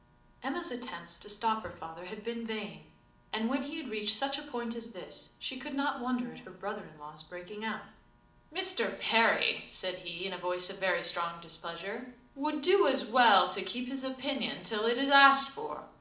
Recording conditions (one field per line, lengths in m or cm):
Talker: one person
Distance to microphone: 2.0 m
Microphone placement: close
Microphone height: 99 cm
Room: medium-sized (5.7 m by 4.0 m)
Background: none